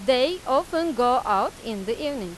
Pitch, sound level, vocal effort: 260 Hz, 95 dB SPL, loud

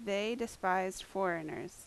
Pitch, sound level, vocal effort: 195 Hz, 82 dB SPL, loud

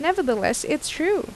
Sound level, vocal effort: 83 dB SPL, normal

